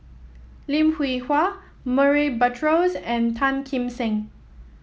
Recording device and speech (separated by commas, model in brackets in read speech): mobile phone (iPhone 7), read sentence